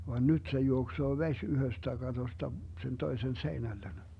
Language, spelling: Finnish, vaan nyt se juoksee vesi yhdestä katosta sen toisen seinälle
- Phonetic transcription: va "nyt se 'juoksoo "veś 'yhöstä 'katosta sen 'toisen "seinällen .

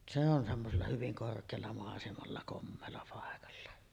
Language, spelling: Finnish, se on semmoisella hyvin korkealla maisemalla komealla paikalla
- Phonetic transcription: se on semmosella hyviŋ 'kork̀eella màesemalla "kommeella 'pàekalla .

